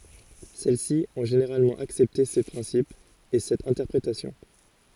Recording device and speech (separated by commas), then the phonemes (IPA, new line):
forehead accelerometer, read sentence
sɛl si ɔ̃ ʒeneʁalmɑ̃ aksɛpte se pʁɛ̃sipz e sɛt ɛ̃tɛʁpʁetasjɔ̃